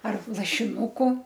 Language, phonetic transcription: Lithuanian, ar lašiˈnūku

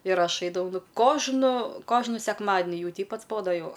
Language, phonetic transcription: Lithuanian, ir ˈaš ˈaidavau ˈnu ˈkožnu ˈkožnu sekˈmadni ˈjau ˈteip atsˈbodo ˈjau

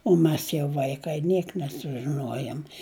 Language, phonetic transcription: Lithuanian, o ˈmes jau ˈvaikai ˈniek nesužiˈnuojom

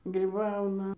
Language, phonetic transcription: Lithuanian, gryˈbauna

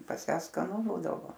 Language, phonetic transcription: Lithuanian, pas ˈją skaˈnu ˈbūdavo

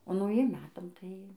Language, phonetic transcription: Lithuanian, o nauˈjiem ˈmetam tai

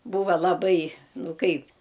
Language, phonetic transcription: Lithuanian, ˈbūva laˈbai ˈnu ˈkaip

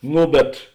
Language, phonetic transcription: Lithuanian, ˈno bet

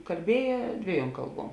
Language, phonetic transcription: Lithuanian, kalˈbieje ˈdvieˌjuom ˈkalˌbuom

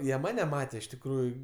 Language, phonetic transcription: Lithuanian, ˈjie ˈmane ˈmatė iš tikˈrųju

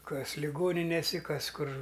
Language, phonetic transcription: Lithuanian, ˈkas liˈgoninėsi ˈkas ˈkur

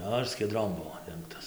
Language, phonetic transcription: Lithuanian, ˈnu ir skieˈdrom ˈbuvo ˈdengtas

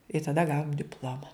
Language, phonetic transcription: Lithuanian, i taˈda ˈgavom dipˈloma

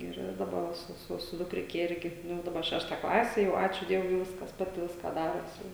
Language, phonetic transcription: Lithuanian, ˈir daˈba su su su dukˈrike ˈirgi ˈnu daˈba ˈšešta ˈklase jau ˈačiū ˈdievui jau ˈviskas ˈpati ˈviską ˈdaros jau

